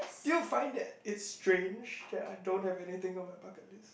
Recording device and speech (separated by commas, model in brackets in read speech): boundary microphone, conversation in the same room